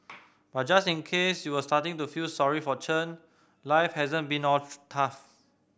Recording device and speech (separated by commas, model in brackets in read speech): boundary microphone (BM630), read sentence